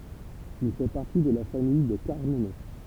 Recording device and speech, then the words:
temple vibration pickup, read sentence
Il fait partie de la famille des Carmenets.

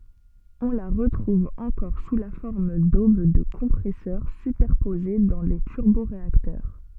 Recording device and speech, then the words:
soft in-ear microphone, read sentence
On la retrouve encore sous la forme d’aubes de compresseurs superposées dans les turboréacteurs.

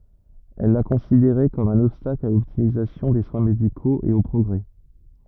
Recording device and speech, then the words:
rigid in-ear microphone, read sentence
Elle la considérait comme un obstacle à l’optimisation des soins médicaux et au progrès.

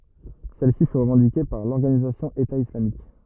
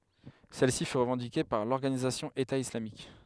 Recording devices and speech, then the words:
rigid in-ear microphone, headset microphone, read sentence
Celle-ci fut revendiquée par l'organisation État islamique.

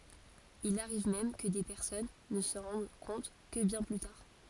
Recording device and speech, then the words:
forehead accelerometer, read sentence
Il arrive même que des personnes ne s'en rendent compte que bien plus tard.

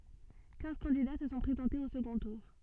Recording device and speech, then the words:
soft in-ear microphone, read sentence
Quinze candidats se sont présentés au second tour.

